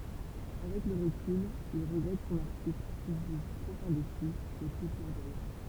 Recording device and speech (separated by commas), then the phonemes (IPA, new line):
temple vibration pickup, read sentence
avɛk lə ʁəkyl il ʁəɡʁɛt sɔ̃n aʁtikl kil ʒyʒ tʁop ɛ̃desi e pø klɛʁvwajɑ̃